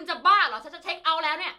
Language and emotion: Thai, angry